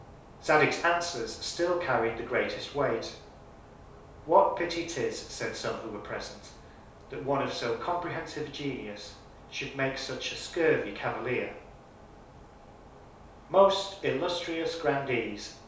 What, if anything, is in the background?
Nothing.